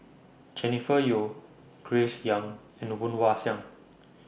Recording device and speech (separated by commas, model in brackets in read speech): boundary microphone (BM630), read sentence